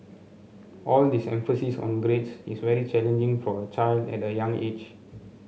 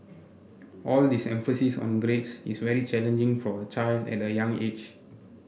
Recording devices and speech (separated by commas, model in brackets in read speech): mobile phone (Samsung C7), boundary microphone (BM630), read sentence